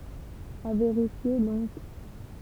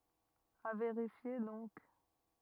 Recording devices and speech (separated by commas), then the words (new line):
temple vibration pickup, rigid in-ear microphone, read sentence
À vérifier donc.